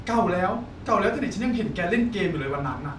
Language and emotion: Thai, neutral